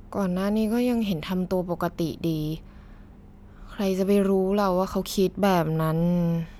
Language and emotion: Thai, sad